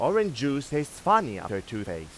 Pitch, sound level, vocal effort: 140 Hz, 95 dB SPL, loud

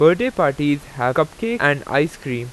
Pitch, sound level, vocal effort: 145 Hz, 91 dB SPL, loud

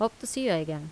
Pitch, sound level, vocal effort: 225 Hz, 83 dB SPL, normal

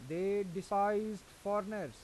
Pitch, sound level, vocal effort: 200 Hz, 93 dB SPL, loud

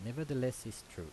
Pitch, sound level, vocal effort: 115 Hz, 83 dB SPL, normal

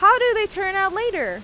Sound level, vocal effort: 97 dB SPL, very loud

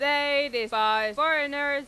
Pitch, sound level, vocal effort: 285 Hz, 103 dB SPL, very loud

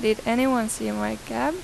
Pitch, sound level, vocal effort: 225 Hz, 88 dB SPL, normal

